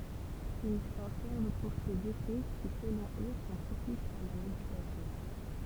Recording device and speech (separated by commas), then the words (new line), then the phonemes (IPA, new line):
temple vibration pickup, read sentence
Ils s'en servent pour ses effets qui, selon eux, sont propices à la méditation.
il sɑ̃ sɛʁv puʁ sez efɛ ki səlɔ̃ ø sɔ̃ pʁopisz a la meditasjɔ̃